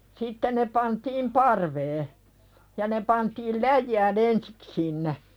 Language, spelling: Finnish, sitten ne pantiin parveen ja ne pantiin läjään ensin sinne
- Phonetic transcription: 'sitte ne pantiim "parvee , ja ne pantiil "läjjää'n ‿ensik sinne .

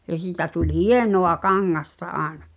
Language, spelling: Finnish, ja sitä tuli hienoa kangasta aina
- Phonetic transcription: ja 'sìtä tuĺ "hienoʷ̳a 'kaŋŋasta 'aaᵉna .

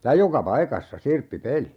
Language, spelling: Finnish, ja joka paikassa sirppipeli
- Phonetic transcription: ja "joka 'paikassa , 'sirppi"peli .

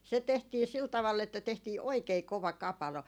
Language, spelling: Finnish, se tehtiin sillä tavalla että tehtiin oikein kova kapalo
- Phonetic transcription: se tehtii 'sil 'tavall ‿että tehtii "oikei 'kova "kapalo .

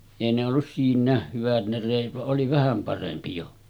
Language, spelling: Finnish, ei ne ollut siinäkään hyvät ne reet vaan oli vähän parempi jo
- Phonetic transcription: èi ne ollus 'siin̆näeh 'hyvät ne rèit va’ ’oli 'vähäm parempi jo .

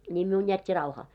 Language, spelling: Finnish, niin minun jätti rauhaan
- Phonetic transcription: ńiim miun jät́t́i 'rauhaa .

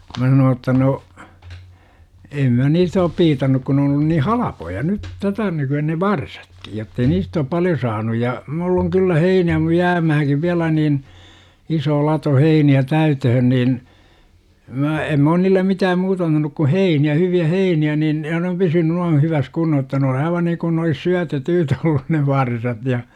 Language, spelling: Finnish, minä sanoin jotta no en minä niistä ole piitannut kun ne on ollut niin halpoja nyt tätä nykyä ne varsatkin jotta ei niistä ole paljon saanut ja minulla on kyllä heinää - jäämäänkin vielä niin iso lato heiniä täyteen niin minä en minä ole niille mitään muuta antanut kuin heiniä hyviä heiniä niin ja ne on pysynyt noin hyvässä kunnossa jotta ne on aivan niin kuin ne olisi - syötettyjä olleet ne varsat ja
- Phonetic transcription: 'mä sanoo ‿tta » no , 'em mä "niistä op 'piitannuk kun n ‿oon ollun nii "halapoja 'nyt , "tätä 'nyky₍ä ne "varsAtklJ jottei 'niist ‿oop "paljo 'saanuj ja , 'mull ‿oŋ kyllä "heinää mu- 'jäämähäŋkiv 'viälä nin , 'isoo 'lato 'heini₍ä "täytöhön niin , 'mä em m ‿oon 'niillem miitääm "muuta antanuk ku "heini₍ä 'hyvi₍ä "heini₍ä nin , 'ja ne om 'pysyny nuan̬ 'hyväs "kunnoh « jotta ne on 'aiva niŋkun ne olis "syä- tetyytä 'ollun ne "varsat ja .

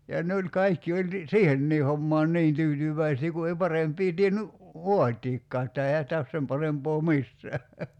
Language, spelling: Finnish, ja ne oli kaikki oli niin siihenkin hommaan niin tyytyväisiä kun ei parempia tiennyt vaatiakaan että eihän sitä ole sen parempaa missään
- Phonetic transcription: ja 'ne o̭ĺ 'kaikki oĺ ni , "siihennii 'hommaan "ni̬in 'tyytyv̀äisii ku ei 'paremp̀ii 'tienny , "voatiikkaa että 'eihä sⁱtä os 'sem parempoo "missää .

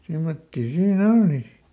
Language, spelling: Finnish, semmoisia siinä oli sitten
- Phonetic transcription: ˈsimmottii siiˈn ‿olli si .

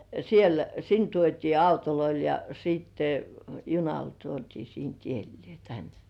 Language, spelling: Finnish, siellä sinne tuotiin autoilla ja sitten junalla tuotiin siitä edelleen ja tänne
- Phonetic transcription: siel , 'sin tuot́ii "autoloil ja sìtte , "junal tuot́ii siint 'iellĭè ja "tän .

